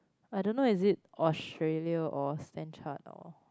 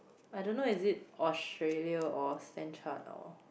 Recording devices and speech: close-talking microphone, boundary microphone, conversation in the same room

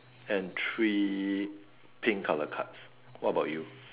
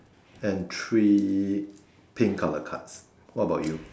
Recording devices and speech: telephone, standing microphone, conversation in separate rooms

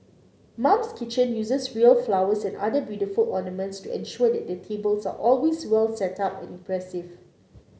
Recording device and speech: mobile phone (Samsung C9), read sentence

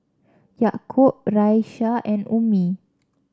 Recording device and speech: standing microphone (AKG C214), read sentence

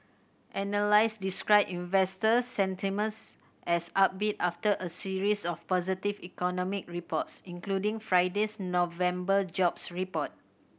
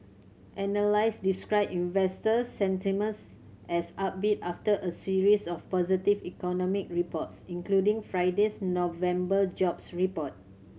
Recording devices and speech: boundary microphone (BM630), mobile phone (Samsung C7100), read sentence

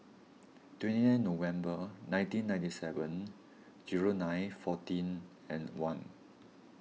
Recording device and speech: mobile phone (iPhone 6), read sentence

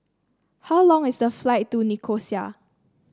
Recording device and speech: standing microphone (AKG C214), read sentence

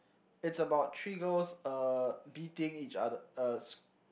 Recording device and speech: boundary microphone, conversation in the same room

